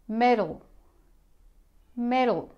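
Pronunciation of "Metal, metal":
'Metal' is said twice the American and Australian way: the T is a flat D, with a very short schwa between it and the L.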